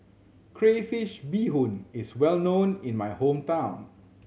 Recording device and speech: mobile phone (Samsung C7100), read sentence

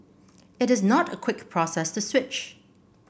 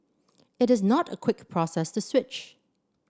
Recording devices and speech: boundary microphone (BM630), standing microphone (AKG C214), read sentence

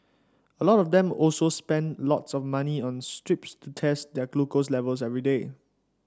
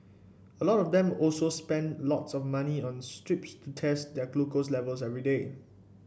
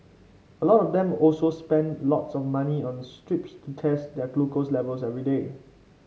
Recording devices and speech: standing microphone (AKG C214), boundary microphone (BM630), mobile phone (Samsung C5), read sentence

